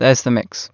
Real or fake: real